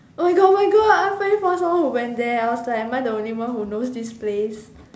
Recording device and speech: standing microphone, conversation in separate rooms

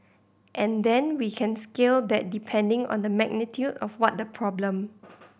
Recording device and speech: boundary microphone (BM630), read sentence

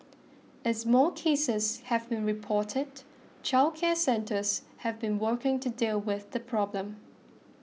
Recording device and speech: mobile phone (iPhone 6), read sentence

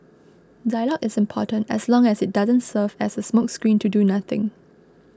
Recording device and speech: close-talking microphone (WH20), read sentence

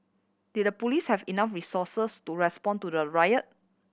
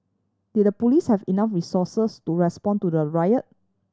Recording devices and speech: boundary microphone (BM630), standing microphone (AKG C214), read sentence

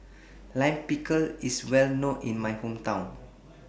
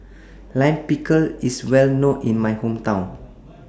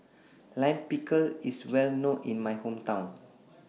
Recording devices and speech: boundary microphone (BM630), standing microphone (AKG C214), mobile phone (iPhone 6), read sentence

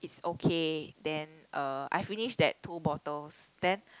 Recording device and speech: close-talking microphone, conversation in the same room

